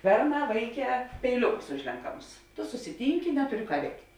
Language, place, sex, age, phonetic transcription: Lithuanian, Žemaitija, female, 18-60, ˈberˌnā ˈvaiˌkē peiˈliukus ˈužlenkamus tu susiˈtynki ˈnetuˌri ˈką ˈveikt'

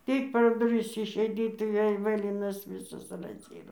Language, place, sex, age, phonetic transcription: Lithuanian, Dzūkija, female, 60+, ˈtik per duˈris išeiˈdyt tai ˈvėl' ˈvɘlinas ˈvysas razˈyro

